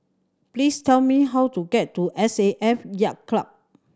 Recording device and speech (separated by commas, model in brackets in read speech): standing microphone (AKG C214), read sentence